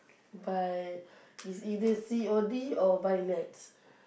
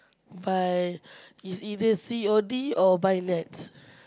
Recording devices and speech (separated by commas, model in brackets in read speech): boundary microphone, close-talking microphone, conversation in the same room